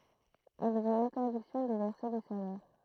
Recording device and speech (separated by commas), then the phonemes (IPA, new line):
throat microphone, read sentence
ɛlz ɔ̃t ɛ̃tɛʁdiksjɔ̃ də vɛʁse de salɛʁ